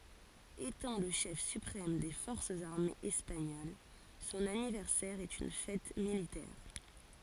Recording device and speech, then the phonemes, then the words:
forehead accelerometer, read sentence
etɑ̃ lə ʃɛf sypʁɛm de fɔʁsz aʁmez ɛspaɲol sɔ̃n anivɛʁsɛʁ ɛt yn fɛt militɛʁ
Étant le chef suprême des forces armées espagnoles, son anniversaire est une fête militaire.

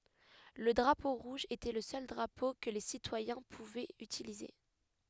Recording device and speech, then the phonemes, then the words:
headset microphone, read sentence
lə dʁapo ʁuʒ etɛ lə sœl dʁapo kə le sitwajɛ̃ puvɛt ytilize
Le drapeau rouge était le seul drapeau que les citoyens pouvaient utiliser.

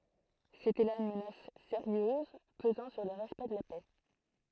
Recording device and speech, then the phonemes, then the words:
throat microphone, read sentence
setɛ la yn mənas seʁjøz pəzɑ̃ syʁ lə ʁɛspɛkt də la pɛ
C'était là une menace sérieuse pesant sur le respect de la paix.

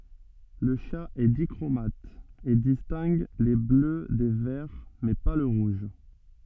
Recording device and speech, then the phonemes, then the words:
soft in-ear microphone, read sentence
lə ʃa ɛ dikʁomat e distɛ̃ɡ le blø de vɛʁ mɛ pa lə ʁuʒ
Le chat est dichromate, et distingue les bleus des verts, mais pas le rouge.

